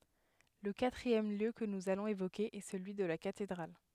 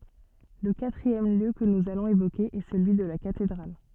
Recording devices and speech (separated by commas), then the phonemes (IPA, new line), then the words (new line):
headset microphone, soft in-ear microphone, read sentence
lə katʁiɛm ljø kə nuz alɔ̃z evoke ɛ səlyi də la katedʁal
Le quatrième lieu que nous allons évoquer est celui de la cathédrale.